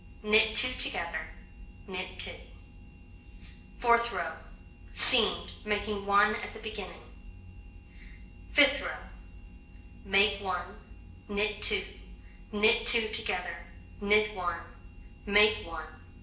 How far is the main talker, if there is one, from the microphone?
1.8 m.